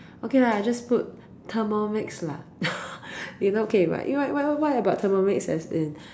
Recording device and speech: standing microphone, conversation in separate rooms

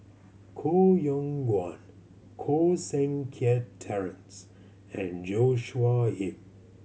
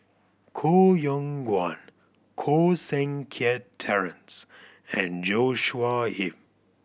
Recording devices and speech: mobile phone (Samsung C7100), boundary microphone (BM630), read sentence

